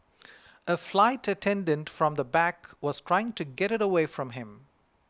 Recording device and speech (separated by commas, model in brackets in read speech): close-talking microphone (WH20), read sentence